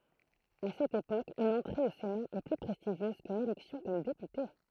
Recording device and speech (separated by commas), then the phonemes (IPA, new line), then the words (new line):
throat microphone, read sentence
a sɛt epok yn ɑ̃tʁe o sena ɛ ply pʁɛstiʒjøz kyn elɛksjɔ̃ kɔm depyte
À cette époque, une entrée au Sénat est plus prestigieuse qu'une élection comme député.